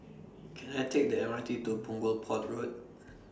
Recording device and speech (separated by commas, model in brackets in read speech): standing microphone (AKG C214), read sentence